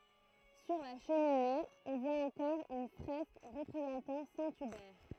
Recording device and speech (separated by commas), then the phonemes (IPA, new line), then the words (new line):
throat microphone, read sentence
syʁ la ʃəmine ɔ̃ vwa ɑ̃kɔʁ yn fʁɛsk ʁəpʁezɑ̃tɑ̃ sɛ̃ ybɛʁ
Sur la cheminée, on voit encore une fresque représentant saint Hubert.